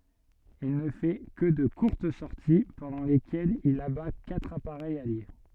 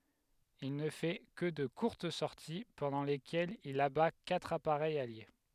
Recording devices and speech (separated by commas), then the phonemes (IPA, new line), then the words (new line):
soft in-ear microphone, headset microphone, read sentence
il nə fɛ kə də kuʁt sɔʁti pɑ̃dɑ̃ lekɛlz il aba katʁ apaʁɛjz alje
Il ne fait que de courtes sorties pendant lesquelles il abat quatre appareils alliés.